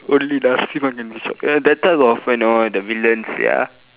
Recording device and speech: telephone, conversation in separate rooms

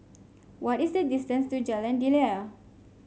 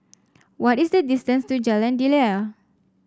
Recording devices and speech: mobile phone (Samsung C5), standing microphone (AKG C214), read sentence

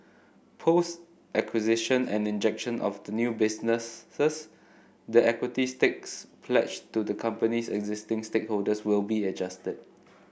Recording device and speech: boundary microphone (BM630), read sentence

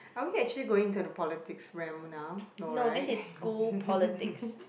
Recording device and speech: boundary microphone, conversation in the same room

